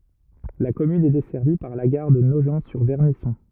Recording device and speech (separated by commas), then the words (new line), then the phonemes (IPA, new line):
rigid in-ear microphone, read sentence
La commune est desservie par la gare de Nogent-sur-Vernisson.
la kɔmyn ɛ dɛsɛʁvi paʁ la ɡaʁ də noʒɑ̃tsyʁvɛʁnisɔ̃